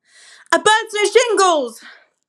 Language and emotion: English, surprised